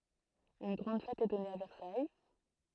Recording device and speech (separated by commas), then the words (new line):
throat microphone, read sentence
Une grande fête est donnée à Versailles.